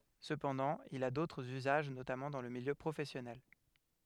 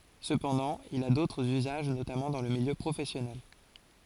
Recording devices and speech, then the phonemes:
headset microphone, forehead accelerometer, read sentence
səpɑ̃dɑ̃ il a dotʁz yzaʒ notamɑ̃ dɑ̃ lə miljø pʁofɛsjɔnɛl

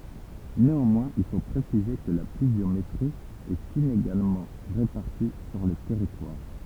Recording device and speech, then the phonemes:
temple vibration pickup, read sentence
neɑ̃mwɛ̃z il fo pʁesize kə la plyvjometʁi ɛt ineɡalmɑ̃ ʁepaʁti syʁ lə tɛʁitwaʁ

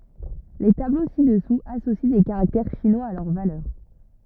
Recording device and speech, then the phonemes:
rigid in-ear microphone, read sentence
le tablo sidɛsuz asosi de kaʁaktɛʁ ʃinwaz a lœʁ valœʁ

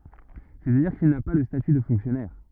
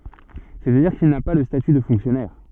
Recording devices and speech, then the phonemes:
rigid in-ear microphone, soft in-ear microphone, read sentence
sɛstadiʁ kil na pa lə staty də fɔ̃ksjɔnɛʁ

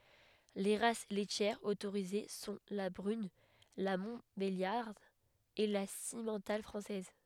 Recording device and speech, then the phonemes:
headset microphone, read sentence
le ʁas lɛtjɛʁz otoʁize sɔ̃ la bʁyn la mɔ̃tbeljaʁd e la simmɑ̃tal fʁɑ̃sɛz

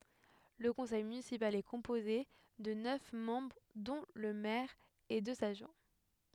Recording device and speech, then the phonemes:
headset microphone, read sentence
lə kɔ̃sɛj mynisipal ɛ kɔ̃poze də nœf mɑ̃bʁ dɔ̃ lə mɛʁ e døz adʒwɛ̃

